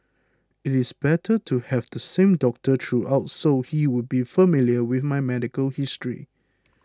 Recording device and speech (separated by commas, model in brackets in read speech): close-talking microphone (WH20), read sentence